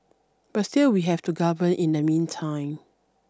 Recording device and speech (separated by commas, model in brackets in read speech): standing microphone (AKG C214), read sentence